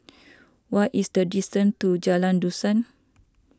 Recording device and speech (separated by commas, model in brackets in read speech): standing microphone (AKG C214), read sentence